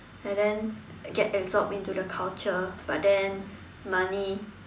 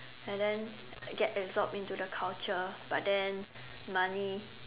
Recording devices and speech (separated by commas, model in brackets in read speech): standing microphone, telephone, conversation in separate rooms